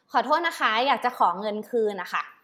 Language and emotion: Thai, frustrated